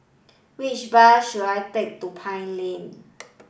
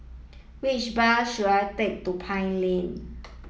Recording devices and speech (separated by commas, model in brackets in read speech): boundary microphone (BM630), mobile phone (iPhone 7), read sentence